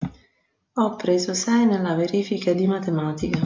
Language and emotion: Italian, sad